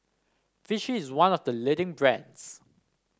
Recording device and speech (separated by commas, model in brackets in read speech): standing microphone (AKG C214), read sentence